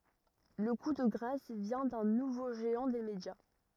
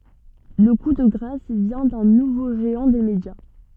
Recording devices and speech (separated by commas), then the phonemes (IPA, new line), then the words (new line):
rigid in-ear microphone, soft in-ear microphone, read sentence
lə ku də ɡʁas vjɛ̃ dœ̃ nuvo ʒeɑ̃ de medja
Le coup de grâce vient d'un nouveau géant des médias.